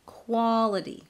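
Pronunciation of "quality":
The T in 'quality' is pronounced as a flap.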